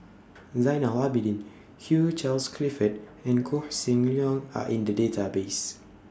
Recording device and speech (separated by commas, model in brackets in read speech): standing microphone (AKG C214), read sentence